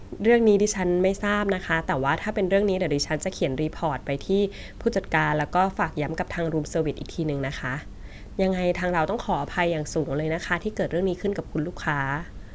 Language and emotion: Thai, neutral